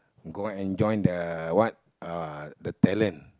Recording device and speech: close-talking microphone, conversation in the same room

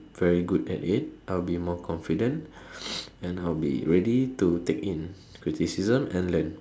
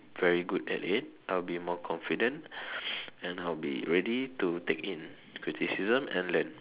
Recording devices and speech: standing microphone, telephone, conversation in separate rooms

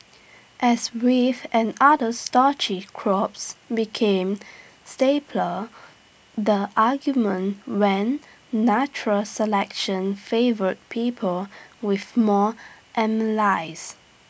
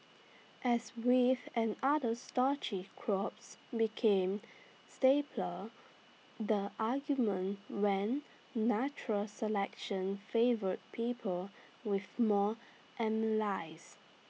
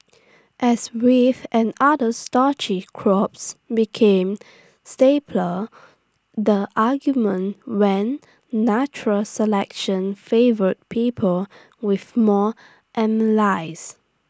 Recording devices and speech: boundary microphone (BM630), mobile phone (iPhone 6), standing microphone (AKG C214), read sentence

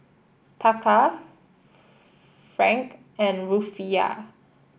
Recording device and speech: boundary microphone (BM630), read sentence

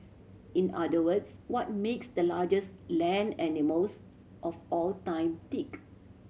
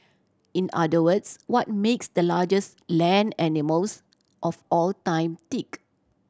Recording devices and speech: mobile phone (Samsung C7100), standing microphone (AKG C214), read sentence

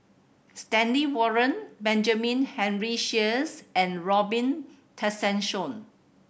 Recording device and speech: boundary microphone (BM630), read sentence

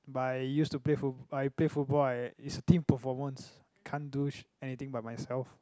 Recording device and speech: close-talking microphone, conversation in the same room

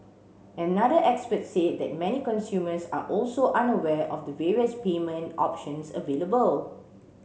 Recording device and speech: mobile phone (Samsung C7), read sentence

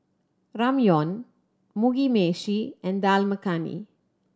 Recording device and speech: standing microphone (AKG C214), read sentence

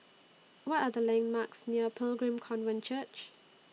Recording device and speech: mobile phone (iPhone 6), read sentence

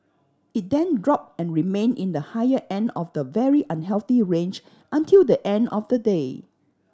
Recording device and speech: standing microphone (AKG C214), read sentence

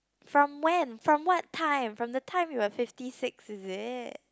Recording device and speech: close-talking microphone, conversation in the same room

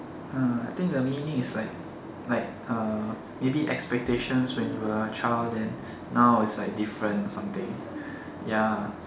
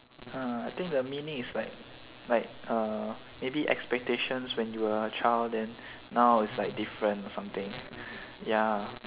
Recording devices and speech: standing microphone, telephone, conversation in separate rooms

